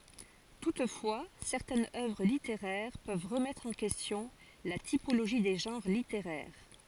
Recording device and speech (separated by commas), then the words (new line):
forehead accelerometer, read sentence
Toutefois, certaines œuvres littéraires peuvent remettre en question la typologie des genres littéraires.